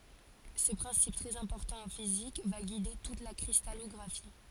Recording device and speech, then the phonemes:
forehead accelerometer, read sentence
sə pʁɛ̃sip tʁɛz ɛ̃pɔʁtɑ̃ ɑ̃ fizik va ɡide tut la kʁistalɔɡʁafi

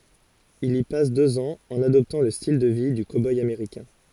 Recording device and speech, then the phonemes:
forehead accelerometer, read sentence
il i pas døz ɑ̃z ɑ̃n adɔptɑ̃ lə stil də vi dy koboj ameʁikɛ̃

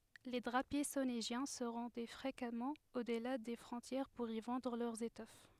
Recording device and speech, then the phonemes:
headset microphone, read sentence
le dʁapje soneʒjɛ̃ sə ʁɑ̃dɛ fʁekamɑ̃ odla de fʁɔ̃tjɛʁ puʁ i vɑ̃dʁ lœʁz etɔf

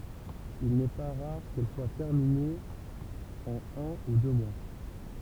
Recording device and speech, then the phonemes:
temple vibration pickup, read sentence
il nɛ pa ʁaʁ kɛl swa tɛʁminez ɑ̃n œ̃ u dø mwa

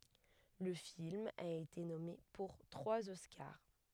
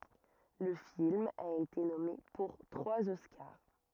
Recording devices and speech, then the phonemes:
headset microphone, rigid in-ear microphone, read sentence
lə film a ete nɔme puʁ tʁwaz ɔskaʁ

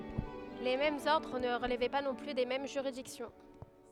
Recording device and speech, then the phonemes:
headset microphone, read sentence
le difeʁɑ̃z ɔʁdʁ nə ʁəlvɛ pa nɔ̃ ply de mɛm ʒyʁidiksjɔ̃

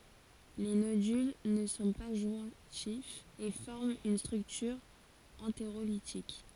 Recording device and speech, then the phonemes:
forehead accelerometer, read sentence
le nodyl nə sɔ̃ pa ʒwɛ̃tifz e fɔʁmt yn stʁyktyʁ ɑ̃teʁolitik

